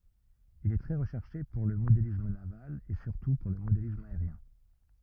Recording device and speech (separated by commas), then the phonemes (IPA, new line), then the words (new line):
rigid in-ear microphone, read sentence
il ɛ tʁɛ ʁəʃɛʁʃe puʁ lə modelism naval e syʁtu puʁ lə modelism aeʁjɛ̃
Il est très recherché pour le modélisme naval et surtout pour le modélisme aérien.